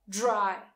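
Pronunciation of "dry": In 'dry', the d is pronounced more like a j sound than a plain d.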